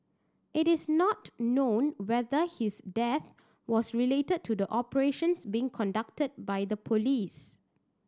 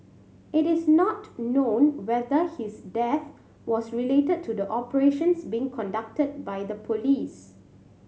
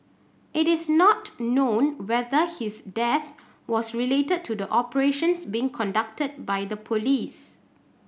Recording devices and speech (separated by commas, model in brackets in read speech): standing microphone (AKG C214), mobile phone (Samsung C7100), boundary microphone (BM630), read sentence